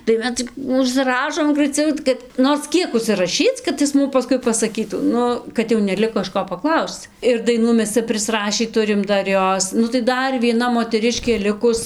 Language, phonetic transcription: Lithuanian, tai ˈmes cik užsiˈrašom graiˈciau kad ˈnors ˈkiek užsiraˈšyc kad ˈis ˈmum paˈskui pasaˈkytų ˈnu kad jau neˈliko iš ˈko paˈklausc ir daiˈnų ˈmes ˈcia prisˈrašį ˈturim ˈdar ˈjos nu tai ˈdar vieˈna moteˈriškė ˈlikus

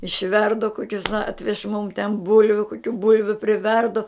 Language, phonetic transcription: Lithuanian, išˈverdu ˈkokius ˈatvež mum ten ˈbulviu koˈkių ˈbulviu priˈverdu

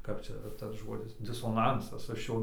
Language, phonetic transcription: Lithuanian, kap ˈčia tas ˈžodis disoˈnansas ˈaš ˈjo

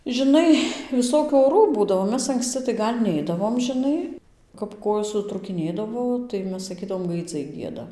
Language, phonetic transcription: Lithuanian, žiˈnai viˈsokių oˈrų ˈbūdavo ˈmes anksˈci tai ˈgal' ˈneidavom žiˈnai kap ˈkojos sutrūkiˈnėdavo tai ˈmes saˈkydavo gaiˈdzai ˈgieda

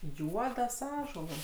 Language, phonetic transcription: Lithuanian, ˈjuodas ˈąžuolas

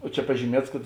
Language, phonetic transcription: Lithuanian, o ˈčia pažyˈmiets kad

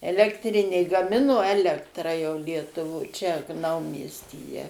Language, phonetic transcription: Lithuanian, elektˈrinė gaˈmino ˈelektrą jau lietuˈvoj čia ˈnaumiestyje

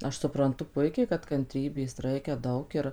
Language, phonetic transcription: Lithuanian, ˈaš supranˈtu ˈpuikiai kad kanˈtrybės ˈraikia ˈdaug ir

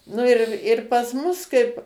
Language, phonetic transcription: Lithuanian, ˈnu ir ir pas ˈmus ˈkaip

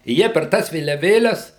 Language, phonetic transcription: Lithuanian, i ˈjie per ˈtąs vėliaˈvėles

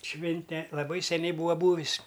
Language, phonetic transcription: Lithuanian, ˈšvinte laˈbai seˈniai ˈbūa ˈbūvis

